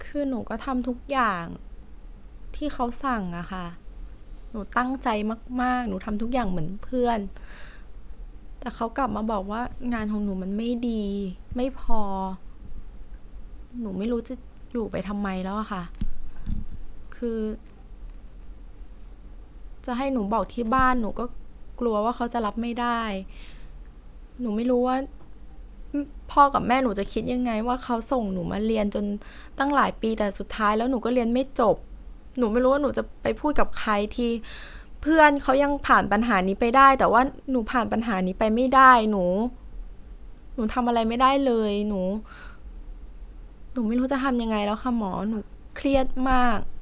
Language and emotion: Thai, sad